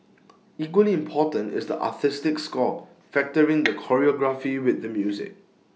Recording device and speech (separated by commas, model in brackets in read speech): mobile phone (iPhone 6), read sentence